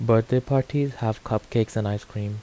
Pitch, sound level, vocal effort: 115 Hz, 80 dB SPL, soft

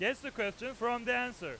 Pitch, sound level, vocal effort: 245 Hz, 104 dB SPL, very loud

